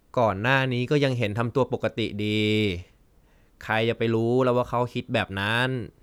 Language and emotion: Thai, frustrated